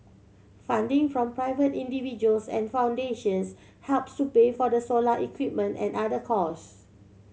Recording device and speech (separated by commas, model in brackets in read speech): mobile phone (Samsung C7100), read sentence